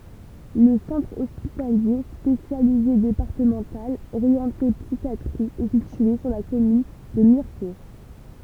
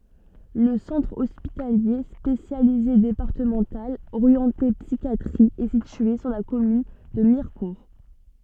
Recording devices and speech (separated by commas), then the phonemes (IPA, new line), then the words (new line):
temple vibration pickup, soft in-ear microphone, read sentence
lə sɑ̃tʁ ɔspitalje spesjalize depaʁtəmɑ̃tal oʁjɑ̃te psikjatʁi ɛ sitye syʁ la kɔmyn də miʁkuʁ
Le Centre hospitalier spécialisé départemental orienté psychiatrie est situé sur la commune de Mirecourt.